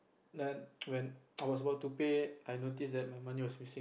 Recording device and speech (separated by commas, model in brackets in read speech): boundary microphone, conversation in the same room